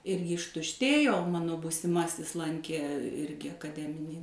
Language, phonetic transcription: Lithuanian, ˈirgi ištušˈtėjo o ˈmano būsiˈmasis ˈlankė ˈirgi akaˈdeminį

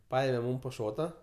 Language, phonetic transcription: Lithuanian, ˈpaėme ˈmūm po ˈšota

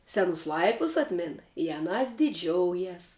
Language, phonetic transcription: Lithuanian, ˈsenus ˈlaikus ˈatmin i aˈnās diˈdžioujas

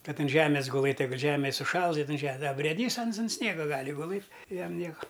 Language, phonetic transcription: Lithuanian, ˈkad an ˈžemės guˈlɘt' ˈjeigut ˈžemi suˈšals iˈnai ˈže a brėˈdys ˈans un ˈsniega ˈgali guˈlɘt' i ˈjam ˈnieka

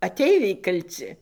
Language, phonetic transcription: Lithuanian, aˈteiviai kalˈci

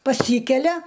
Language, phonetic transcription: Lithuanian, paˈsykelia

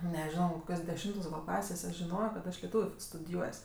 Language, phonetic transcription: Lithuanian, neˈžiono koˈkios deˈšimtos gal ˈklasės aš žiˈnojo kad ˈaš leˈtūviu f studiˈjuos'

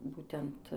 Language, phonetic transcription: Lithuanian, ˈbūtent

